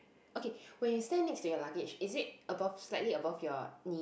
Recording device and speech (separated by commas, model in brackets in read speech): boundary microphone, conversation in the same room